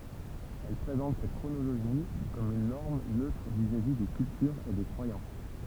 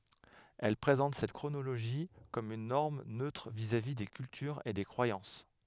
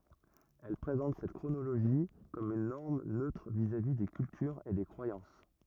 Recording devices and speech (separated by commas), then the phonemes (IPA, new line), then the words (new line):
temple vibration pickup, headset microphone, rigid in-ear microphone, read sentence
ɛl pʁezɑ̃t sɛt kʁonoloʒi kɔm yn nɔʁm nøtʁ vizavi de kyltyʁz e de kʁwajɑ̃s
Elles présentent cette chronologie comme une norme neutre vis-à-vis des cultures et des croyances.